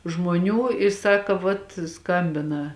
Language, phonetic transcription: Lithuanian, žmoˈnių i ˈsaka vat ˈskambina

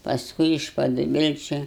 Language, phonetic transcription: Lithuanian, pasˈkui iš paduˈbilčiu

